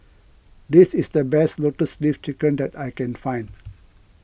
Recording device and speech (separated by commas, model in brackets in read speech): boundary microphone (BM630), read sentence